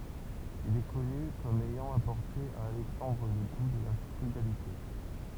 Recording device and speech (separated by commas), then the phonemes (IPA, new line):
temple vibration pickup, read sentence
il ɛ kɔny kɔm ɛjɑ̃ apɔʁte a alɛksɑ̃dʁ lə ɡu də la fʁyɡalite